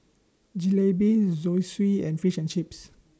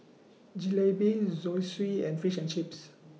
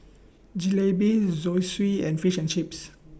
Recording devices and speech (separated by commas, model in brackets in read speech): standing microphone (AKG C214), mobile phone (iPhone 6), boundary microphone (BM630), read sentence